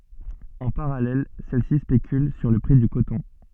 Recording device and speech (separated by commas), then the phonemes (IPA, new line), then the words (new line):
soft in-ear microphone, read sentence
ɑ̃ paʁalɛl sɛl si spekyl syʁ lə pʁi dy kotɔ̃
En parallèle, celles-ci spéculent sur le prix du coton.